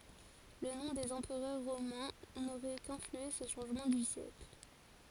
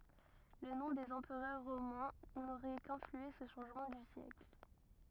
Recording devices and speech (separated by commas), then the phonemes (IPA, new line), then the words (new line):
forehead accelerometer, rigid in-ear microphone, read sentence
lə nɔ̃ dez ɑ̃pʁœʁ ʁomɛ̃ noʁɛ kɛ̃flyɑ̃se sə ʃɑ̃ʒmɑ̃ dy sjɛkl
Le nom des empereurs romains n'aurait qu'influencé ce changement du siècle.